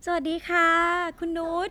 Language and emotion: Thai, happy